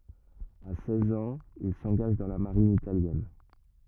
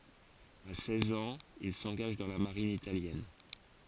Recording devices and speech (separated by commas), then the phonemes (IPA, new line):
rigid in-ear microphone, forehead accelerometer, read sentence
a sɛz ɑ̃z il sɑ̃ɡaʒ dɑ̃ la maʁin italjɛn